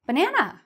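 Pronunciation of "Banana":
'Banana' is said with surprise, and the voice rises.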